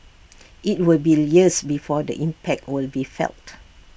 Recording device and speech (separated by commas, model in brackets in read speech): boundary microphone (BM630), read sentence